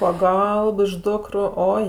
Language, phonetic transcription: Lithuanian, ˈpaˈgalb iš ˈdukru ˈoi

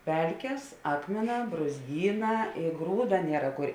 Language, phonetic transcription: Lithuanian, ˈpelkės ˈakmėˌnā brūzˈgyˌnā i ˈgrūda ˈniera kur

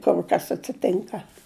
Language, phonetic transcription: Lithuanian, ˈkur kas atsiˈtinka

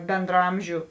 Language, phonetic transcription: Lithuanian, bendraˈamžiu

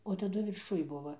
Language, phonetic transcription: Lithuanian, o taˈdu virˈšuj ˈbuva

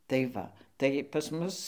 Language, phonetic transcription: Lithuanian, tai ˈva tai pas ˈmus

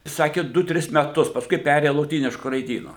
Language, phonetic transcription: Lithuanian, ˈsaki ˈdu ˈtris meˈtus pasˈkui ˈperėja loˈtynišku raiˈdynu

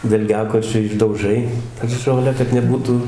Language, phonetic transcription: Lithuanian, dalˈgiakočiu išdauˈžai ˈžolę kad neˈbūtu

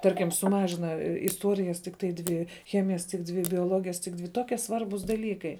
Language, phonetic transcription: Lithuanian, ˈtarkim suˈmažina isˈtuorijas tikˈtai ˈdvi ˈchemijas tik ˈdvi bioˈlogijas tik ˈdvi ˈtokie ˈsvarbūs daˈlykai

